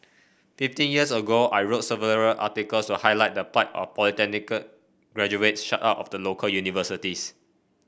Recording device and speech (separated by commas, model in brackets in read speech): boundary microphone (BM630), read sentence